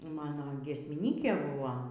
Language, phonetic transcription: Lithuanian, ˈmano giesmiˈnykė ˈbuvo

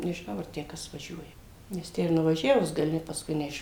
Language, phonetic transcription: Lithuanian, nežiˈnau ar ˈtę ˈkas vaˈžiuoja nes ˈtę ir nuvaˈžiavus gaˈli pasˈkui neˈiš

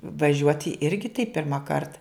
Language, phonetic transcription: Lithuanian, vaˈžiuoti ˈirgi tai pirmaˈkart

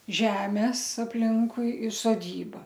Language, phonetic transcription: Lithuanian, ˈžemes apˈlinkui ir soˈdyba

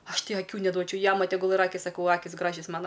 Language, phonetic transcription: Lithuanian, ˈaš ˈtai aˈkių neˈduočiau ˈjama teˈgul ir ˈakis saˈkau ˈakis ˈgražias ˈmana

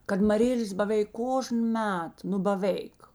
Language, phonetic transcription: Lithuanian, kad maˈrėlės baˈvėik ˈkožn ˈmet nu baˈvėik

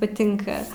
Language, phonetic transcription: Lithuanian, paˈtinka

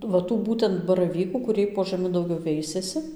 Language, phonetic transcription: Lithuanian, va ˈtų ˈbūtent baraˈvykų kuˈriej po žaˈmi dauˈgiau ˈveisiasi

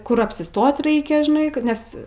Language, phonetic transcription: Lithuanian, ˈkur apsiˈstot ˈraikia žiˈnai ˈkad nes

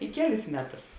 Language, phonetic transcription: Lithuanian, i ˈkeˌlis ˈmeˌtus

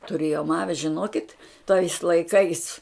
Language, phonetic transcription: Lithuanian, tuˈrėjom ˈavi žiˈnokit tais laiˈkais

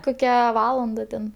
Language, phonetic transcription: Lithuanian, ˈkokia ˈvalanda ten

